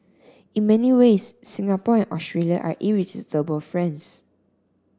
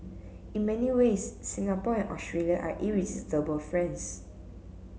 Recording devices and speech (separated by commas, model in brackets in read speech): standing microphone (AKG C214), mobile phone (Samsung C7), read sentence